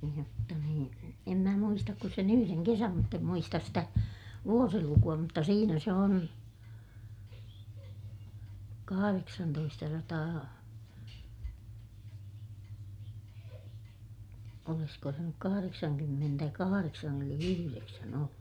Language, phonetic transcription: Finnish, jotta niin , em mä muistak ku sen ‿yhyreŋ kesäm mutt ‿em muistas stä , vuosiluku₍a mutta siinä se on , kahareksantoistasataa , olisko se nyk kahareksaŋkymmentäkahareksan ‿eli -yhyreksän ‿ollu .
- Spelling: jotta niin en minä muista kuin sen yhden kesän mutta en muista sitä vuosilukua mutta siinä se on kahdeksantoistasataa olisiko se nyt kahdeksankymmentäkahdeksan eli yhdeksän ollut

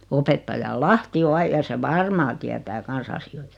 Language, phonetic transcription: Finnish, 'opettaja "Lahti o 'ai- ja se "varmaa tiätää 'kans asi₍oɪtᴀ .
- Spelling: opettaja Lahti on - ja se varmaan tietää kanssa asioita

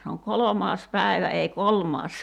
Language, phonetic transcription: Finnish, se oŋ "kolomaas 'pä̀i̬vä ei "kolmaas .
- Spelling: se on kolmas päivä ei kolmas

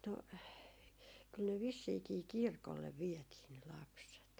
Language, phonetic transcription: Finnish, no , 'kyl ne 'vissiikii "kirkollev 'viɛtii ne 'lapset .
- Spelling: no kyllä ne vissiinkin kirkolle vietiin ne lapset

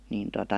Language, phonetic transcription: Finnish, niin tota ,.
- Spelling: niin tuota

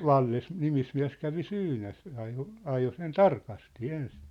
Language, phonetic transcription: Finnish, no "valles- , 'nimismiä̭s 'kävi "syynäs , ajo , 'ajo sen "tarkasti "ens .
- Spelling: no - nimismies kävi syynäsi ajoi ajoi sen tarkasti ensin

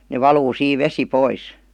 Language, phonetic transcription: Finnish, ne "valuu 'siiv "vesi 'pois .
- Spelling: ne valuu siinä vesi pois

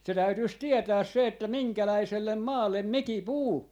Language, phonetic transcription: Finnish, se 'täytyis 'tietääs se että "miŋkäläisellem "maallem "miki "puu , .
- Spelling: se täytyisi tietää se että minkälaiselle maalle mikin puu

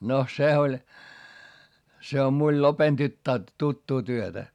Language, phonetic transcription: Finnish, no se oĺ , se om miul lopen tyttää , tuttuu työtä .
- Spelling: no se oli se on minulla lopen tyttää tuttua työtä

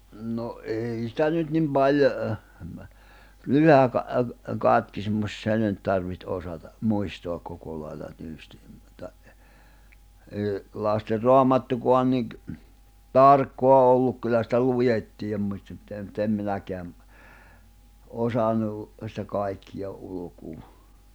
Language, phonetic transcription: Finnish, no 'ei sⁱtä nyt nim 'paljo (ɛhmɛ) , 'Lyhä ka- , "Katkismus 'se nyt tarviht 'osata , 'muistoak 'koko lail̜l̜a 'tyysti , mᵘᵗta , èi̬ , Laster 'Roamattukoan niɢ , "tarkkoa 'olluk kyllä sⁱtä "lujettii , mᵘt't ‿em minäkeäm , 'osanu , sⁱtä 'kàikkija '’ulukuu .
- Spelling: no ei sitä nyt niin paljon - Lyhyt - Katkismus se nyt tarvitsi osata muistaa koko lailla tyystin mutta ei Lasten Raamattukaan niin tarkkaa ollut kyllä sitä luettiin mutta en minäkään osannut sitä kaikkea ulkoa

